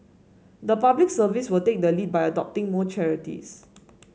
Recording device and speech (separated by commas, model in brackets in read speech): mobile phone (Samsung S8), read sentence